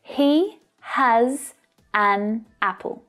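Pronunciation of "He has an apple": In 'He has an apple', all of the words link together.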